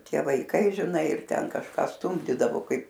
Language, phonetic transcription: Lithuanian, ˈtie vaiˈkai žiˈnai ir ˈten kažˈką ˈstumdydavo ˈkaip

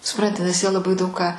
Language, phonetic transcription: Lithuanian, suˈpranti nes jie laˈbai ˈdaug ką

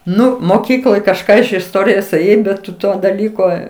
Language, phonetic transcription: Lithuanian, ˈnu moˈkykloj kažˈką iš isˈtorijos ėˈjai bet ˈtu ˈto daˈlyko

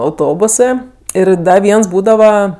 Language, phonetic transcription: Lithuanian, auˈtobusɜ ˈir ˈda ˈviens ˈbūdava

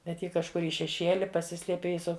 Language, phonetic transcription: Lithuanian, bet ˈji kažˈkur i šeˈšieli paˈsisliepė i ˈsu

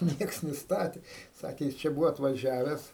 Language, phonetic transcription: Lithuanian, ˈnieks niˈstatė ˈsakė ˈjis čia ˈbūvo atvaˈžiaves

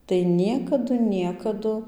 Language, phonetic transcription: Lithuanian, tai ˈniekadu ˈniekadu

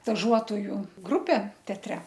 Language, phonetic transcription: Lithuanian, staˈžuotoju ˈgrupė teatˈre

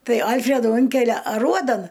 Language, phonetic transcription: Lithuanian, ˈtai ˈalfredų ˈunkelia aˈruodan

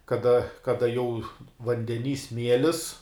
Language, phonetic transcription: Lithuanian, kaˈda kaˈda jau vandeˈny ˈsmielis

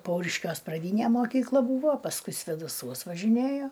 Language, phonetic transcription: Lithuanian, ˈpauriškiuos praˈdynė moˈkykla ˈbūvo pasˈkui svėdaˈsuos važiˈnėjo

